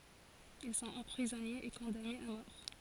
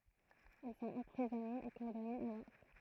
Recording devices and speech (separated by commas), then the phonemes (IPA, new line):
forehead accelerometer, throat microphone, read sentence
il sɔ̃t ɑ̃pʁizɔnez e kɔ̃danez a mɔʁ